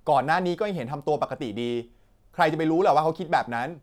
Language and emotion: Thai, frustrated